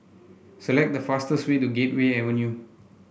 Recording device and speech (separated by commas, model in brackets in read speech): boundary microphone (BM630), read sentence